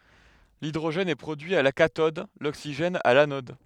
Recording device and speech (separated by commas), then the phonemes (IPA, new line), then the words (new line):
headset microphone, read sentence
lidʁoʒɛn ɛ pʁodyi a la katɔd loksiʒɛn a lanɔd
L'hydrogène est produit à la cathode, l'oxygène à l'anode.